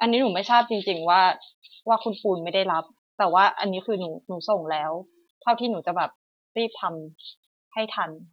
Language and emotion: Thai, frustrated